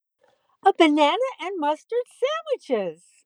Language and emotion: English, happy